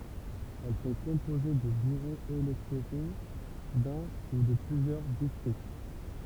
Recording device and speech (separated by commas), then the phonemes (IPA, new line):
temple vibration pickup, read sentence
ɛl sɔ̃ kɔ̃poze də byʁoz elɛktoʁo dœ̃ u də plyzjœʁ distʁikt